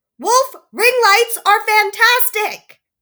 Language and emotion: English, angry